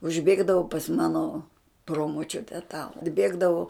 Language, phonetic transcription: Lithuanian, užˈbėgdavu pas ˈmano ˈpromočiute ta atˈbėgdavu

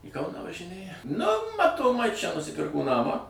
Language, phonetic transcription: Lithuanian, į ˈkauną važiˈnėja nu matoˈmai čia nusiˈpirko ˈnamą

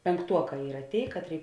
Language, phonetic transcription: Lithuanian, penˈktuoˌkā ˈyra ˈtėi ˈkatˌrėi

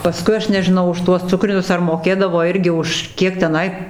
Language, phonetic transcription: Lithuanian, paˈskui ˈaš nežiˈnau už ˈtuos ˈcukrinius ar moˈkėdavo ˈirgi už ˈkiek teˈnai

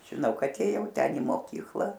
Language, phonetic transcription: Lithuanian, žiˈnau ˈkad ėˈjau ˈten i moˈkykla

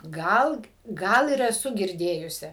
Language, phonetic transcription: Lithuanian, ˈgal ˈgal ir eˈsu girˈdėjusi

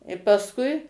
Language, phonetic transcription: Lithuanian, i pasˈkui

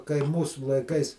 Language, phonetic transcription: Lithuanian, kai ˈmūsu laiˈkais

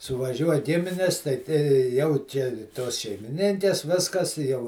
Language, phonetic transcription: Lithuanian, suvaˈžiuoj ˈgiminis ˈtai te ˈjau čia ˈtos šeimiˈninkes ˈviskas i jau

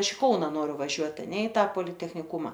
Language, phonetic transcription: Lithuanian, ˈaš i ˈkauna ˈnoriu vaˈžiuot aˈne i ˈta politechniˈkuma

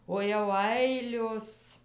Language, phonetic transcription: Lithuanian, o jau ˈailios

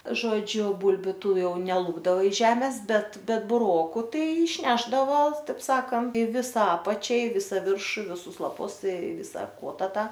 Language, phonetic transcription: Lithuanian, ˈžodžiu ˈbulbiu ˈtų ˈjau neˈlupdava iš ˈžemės ˈbet ˈbet buˈroku ˈtai išˈnešdavo ˈtaip ˈsakant ˈvisa ˈapačia i ˈvisa ˈviršu i viˈsus laˈpus i ˈvisa ˈkuota ˈtą

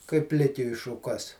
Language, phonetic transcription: Lithuanian, kaip ˈplikiui šuˈkas

